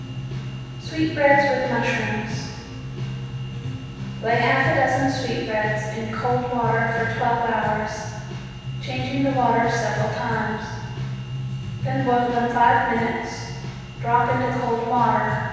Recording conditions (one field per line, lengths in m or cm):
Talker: one person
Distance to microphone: 7.1 m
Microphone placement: far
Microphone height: 1.7 m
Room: very reverberant, large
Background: music